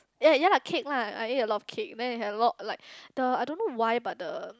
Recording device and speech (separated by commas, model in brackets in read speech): close-talking microphone, conversation in the same room